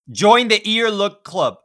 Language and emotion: English, neutral